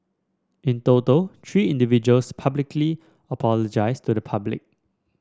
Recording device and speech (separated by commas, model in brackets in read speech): standing microphone (AKG C214), read sentence